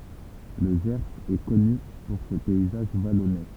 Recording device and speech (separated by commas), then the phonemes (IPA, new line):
temple vibration pickup, read sentence
lə ʒɛʁz ɛ kɔny puʁ se pɛizaʒ valɔne